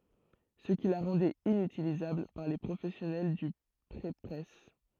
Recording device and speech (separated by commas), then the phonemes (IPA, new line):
throat microphone, read sentence
sə ki la ʁɑ̃dɛt inytilizabl paʁ le pʁofɛsjɔnɛl dy pʁepʁɛs